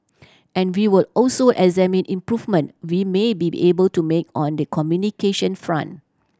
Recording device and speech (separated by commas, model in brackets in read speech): standing microphone (AKG C214), read sentence